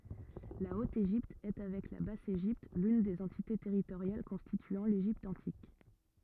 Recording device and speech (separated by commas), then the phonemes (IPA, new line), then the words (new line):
rigid in-ear microphone, read sentence
la ot eʒipt ɛ avɛk la bas eʒipt lyn de døz ɑ̃tite tɛʁitoʁjal kɔ̃stityɑ̃ leʒipt ɑ̃tik
La Haute-Égypte est avec la Basse-Égypte l'une des deux entités territoriales constituant l'Égypte antique.